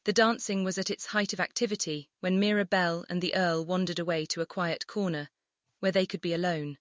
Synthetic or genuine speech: synthetic